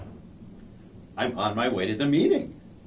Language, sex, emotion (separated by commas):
English, male, happy